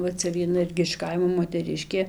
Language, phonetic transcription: Lithuanian, va ˈcia vieˈna ˈirgi iš ˈkaimo moteˈriškė

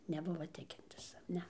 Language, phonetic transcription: Lithuanian, neˈbuva ˈtikintis ˈne

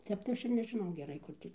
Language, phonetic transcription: Lithuanian, ˈtep tai ˈaš ir nežiˈnau geˈrai ˈkur tį

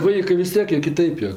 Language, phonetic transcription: Lithuanian, ˈvaikɜ vis ˈtiek jie kiˈtaip jo

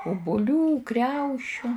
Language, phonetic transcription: Lithuanian, ubuˈlių ˈkriaušiu

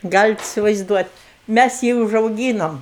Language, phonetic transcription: Lithuanian, ˈgalit isivaizˈduot' ˈmæs ˈjį užauˈgynom

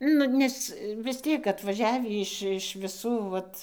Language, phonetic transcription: Lithuanian, ˈnu ˈnes vis ˈtiek atvaˈžiavį ˈiš iš viˈsų ˈvat

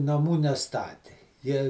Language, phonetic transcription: Lithuanian, naˈmų neˈstati ˈjie

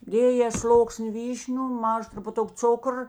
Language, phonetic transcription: Lithuanian, ˈdėjė ˈsloksni ˈvyšniu ˈmaža trupuˈtuk ˈcukr

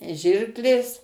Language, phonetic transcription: Lithuanian, ˈžirklės

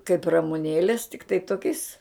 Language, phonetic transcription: Lithuanian, kaip ramuˈnėlės tikˈtai ˈtokiais

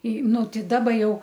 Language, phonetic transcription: Lithuanian, į ˈnu ˈtei ˈdaba ˈjau

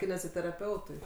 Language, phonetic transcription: Lithuanian, kineziteraˈpeutui

